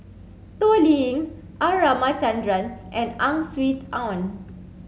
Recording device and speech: mobile phone (Samsung C7), read sentence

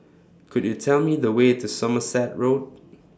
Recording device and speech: standing microphone (AKG C214), read sentence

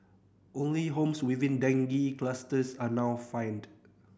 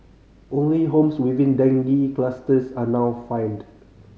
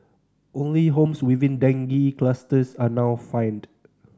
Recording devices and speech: boundary microphone (BM630), mobile phone (Samsung C5010), standing microphone (AKG C214), read sentence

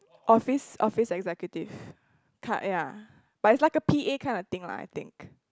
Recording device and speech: close-talking microphone, conversation in the same room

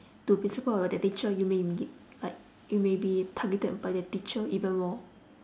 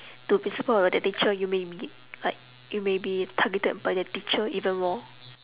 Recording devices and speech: standing microphone, telephone, conversation in separate rooms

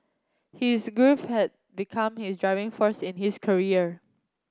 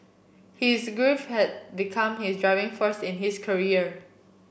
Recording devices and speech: close-talking microphone (WH30), boundary microphone (BM630), read sentence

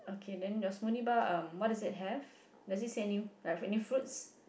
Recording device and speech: boundary microphone, conversation in the same room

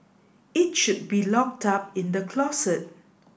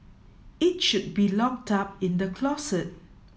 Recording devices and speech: boundary microphone (BM630), mobile phone (iPhone 7), read sentence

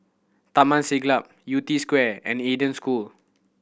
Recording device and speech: boundary microphone (BM630), read sentence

